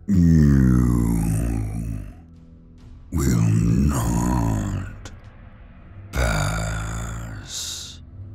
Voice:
Extreemely deep growling voice